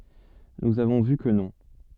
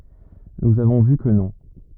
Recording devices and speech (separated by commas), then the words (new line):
soft in-ear microphone, rigid in-ear microphone, read sentence
Nous avons vu que non.